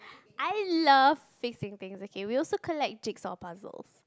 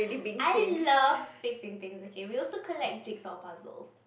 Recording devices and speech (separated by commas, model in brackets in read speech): close-talking microphone, boundary microphone, conversation in the same room